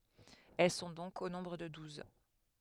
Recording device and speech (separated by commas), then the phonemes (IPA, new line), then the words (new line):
headset microphone, read sentence
ɛl sɔ̃ dɔ̃k o nɔ̃bʁ də duz
Elles sont donc au nombre de douze.